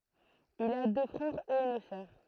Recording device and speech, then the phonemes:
throat microphone, read sentence
il a dø fʁɛʁz e yn sœʁ

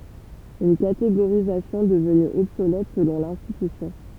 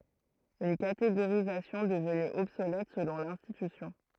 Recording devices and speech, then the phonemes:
temple vibration pickup, throat microphone, read sentence
yn kateɡoʁizasjɔ̃ dəvny ɔbsolɛt səlɔ̃ lɛ̃stitysjɔ̃

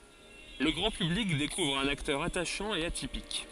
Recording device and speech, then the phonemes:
forehead accelerometer, read sentence
lə ɡʁɑ̃ pyblik dekuvʁ œ̃n aktœʁ ataʃɑ̃ e atipik

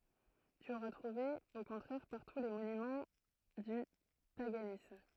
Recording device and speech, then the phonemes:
throat microphone, read sentence
ty oʁa tʁuve o kɔ̃tʁɛʁ paʁtu le monymɑ̃ dy paɡanism

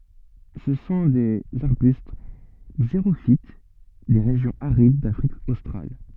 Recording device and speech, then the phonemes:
soft in-ear microphone, read sentence
sə sɔ̃ dez aʁbyst ɡzeʁofit de ʁeʒjɔ̃z aʁid dafʁik ostʁal

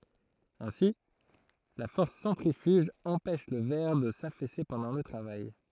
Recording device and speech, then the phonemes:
throat microphone, read sentence
ɛ̃si la fɔʁs sɑ̃tʁifyʒ ɑ̃pɛʃ lə vɛʁ də safɛse pɑ̃dɑ̃ lə tʁavaj

